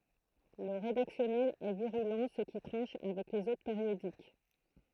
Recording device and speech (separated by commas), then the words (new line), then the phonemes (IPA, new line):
throat microphone, read sentence
Le rédactionnel est virulent, ce qui tranche avec les autres périodiques.
lə ʁedaksjɔnɛl ɛ viʁylɑ̃ sə ki tʁɑ̃ʃ avɛk lez otʁ peʁjodik